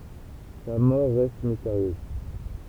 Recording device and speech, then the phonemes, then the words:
temple vibration pickup, read sentence
sa mɔʁ ʁɛst misteʁjøz
Sa mort reste mystérieuse.

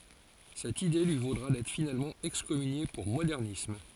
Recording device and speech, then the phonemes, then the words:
forehead accelerometer, read sentence
sɛt ide lyi vodʁa dɛtʁ finalmɑ̃ ɛkskɔmynje puʁ modɛʁnism
Cette idée lui vaudra d'être finalement excommunié pour modernisme.

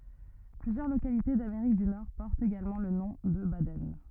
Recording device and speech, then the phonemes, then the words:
rigid in-ear microphone, read sentence
plyzjœʁ lokalite dameʁik dy nɔʁ pɔʁtt eɡalmɑ̃ lə nɔ̃ də badɛn
Plusieurs localités d'Amérique du Nord portent également le nom de Baden.

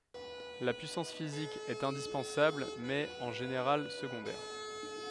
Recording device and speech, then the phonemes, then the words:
headset microphone, read sentence
la pyisɑ̃s fizik ɛt ɛ̃dispɑ̃sabl mɛz ɛt ɑ̃ ʒeneʁal səɡɔ̃dɛʁ
La puissance physique est indispensable mais est en général secondaire.

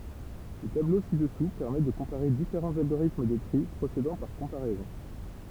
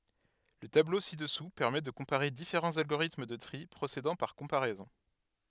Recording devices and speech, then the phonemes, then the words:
temple vibration pickup, headset microphone, read sentence
lə tablo si dəsu pɛʁmɛ də kɔ̃paʁe difeʁɑ̃z alɡoʁitm də tʁi pʁosedɑ̃ paʁ kɔ̃paʁɛzɔ̃
Le tableau ci-dessous permet de comparer différents algorithmes de tri procédant par comparaisons.

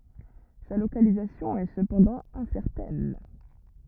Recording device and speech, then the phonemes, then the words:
rigid in-ear microphone, read sentence
sa lokalizasjɔ̃ ɛ səpɑ̃dɑ̃ ɛ̃sɛʁtɛn
Sa localisation est cependant incertaine.

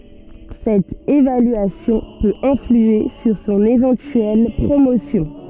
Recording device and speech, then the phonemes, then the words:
soft in-ear microphone, read sentence
sɛt evalyasjɔ̃ pøt ɛ̃flye syʁ sɔ̃n evɑ̃tyɛl pʁomosjɔ̃
Cette évaluation peut influer sur son éventuelle promotion.

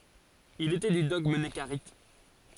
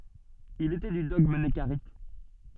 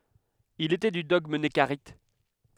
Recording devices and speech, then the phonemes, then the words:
forehead accelerometer, soft in-ear microphone, headset microphone, read sentence
il etɛ dy dɔɡm nəkaʁit
Il était du dogme nekarites.

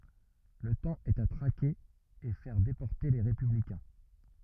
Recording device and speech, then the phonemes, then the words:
rigid in-ear microphone, read sentence
lə tɑ̃ ɛt a tʁake e fɛʁ depɔʁte le ʁepyblikɛ̃
Le temps est à traquer et faire déporter les républicains.

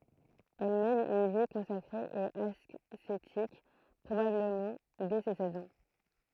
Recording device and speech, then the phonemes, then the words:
throat microphone, read sentence
ɛl mɛn yn vi kɔ̃sakʁe e asetik pʁobabləmɑ̃ dɛ se sɛz ɑ̃
Elle mène une vie consacrée et ascétique, probablement dès ses seize ans.

